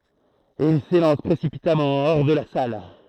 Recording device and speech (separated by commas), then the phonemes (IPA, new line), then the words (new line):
throat microphone, read sentence
e il selɑ̃s pʁesipitamɑ̃ ɔʁ də la sal
Et il s'élance précipitamment hors de la salle.